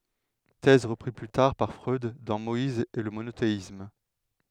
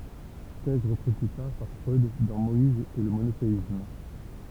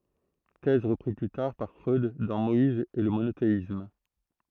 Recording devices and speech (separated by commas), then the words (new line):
headset microphone, temple vibration pickup, throat microphone, read sentence
Thèse reprise plus tard par Freud dans Moïse et le monothéisme.